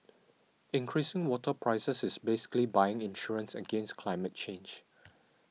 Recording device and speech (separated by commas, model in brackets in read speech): mobile phone (iPhone 6), read sentence